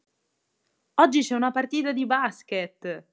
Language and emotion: Italian, happy